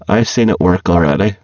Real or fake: fake